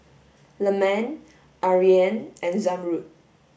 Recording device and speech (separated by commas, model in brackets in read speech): boundary microphone (BM630), read sentence